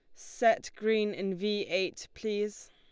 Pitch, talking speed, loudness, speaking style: 210 Hz, 145 wpm, -31 LUFS, Lombard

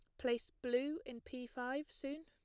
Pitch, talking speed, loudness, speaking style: 255 Hz, 175 wpm, -42 LUFS, plain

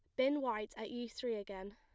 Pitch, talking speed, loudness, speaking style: 225 Hz, 235 wpm, -40 LUFS, plain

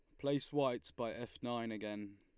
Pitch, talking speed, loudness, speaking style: 120 Hz, 185 wpm, -40 LUFS, Lombard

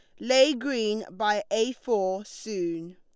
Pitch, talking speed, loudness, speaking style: 210 Hz, 130 wpm, -26 LUFS, Lombard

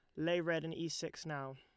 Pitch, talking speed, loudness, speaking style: 165 Hz, 265 wpm, -39 LUFS, Lombard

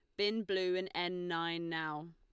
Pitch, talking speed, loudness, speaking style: 175 Hz, 185 wpm, -37 LUFS, Lombard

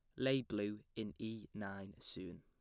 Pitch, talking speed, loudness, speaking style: 105 Hz, 165 wpm, -44 LUFS, plain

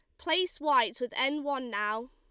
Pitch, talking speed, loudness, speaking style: 265 Hz, 190 wpm, -30 LUFS, Lombard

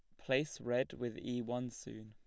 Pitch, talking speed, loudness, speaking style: 125 Hz, 195 wpm, -39 LUFS, plain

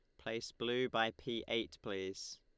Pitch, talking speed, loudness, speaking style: 115 Hz, 165 wpm, -40 LUFS, Lombard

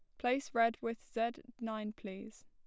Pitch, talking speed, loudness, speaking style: 230 Hz, 160 wpm, -38 LUFS, plain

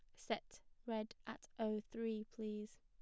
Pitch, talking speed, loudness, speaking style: 220 Hz, 140 wpm, -46 LUFS, plain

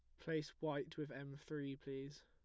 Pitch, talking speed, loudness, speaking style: 140 Hz, 175 wpm, -47 LUFS, plain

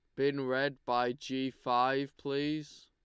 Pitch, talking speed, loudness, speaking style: 135 Hz, 135 wpm, -33 LUFS, Lombard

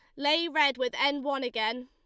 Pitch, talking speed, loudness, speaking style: 280 Hz, 215 wpm, -28 LUFS, Lombard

